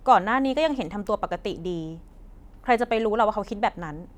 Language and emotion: Thai, frustrated